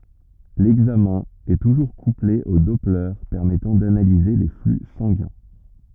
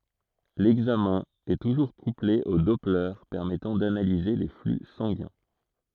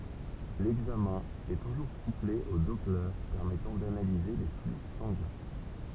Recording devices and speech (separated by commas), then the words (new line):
rigid in-ear microphone, throat microphone, temple vibration pickup, read sentence
L'examen est toujours couplé au doppler permettant d'analyser les flux sanguins.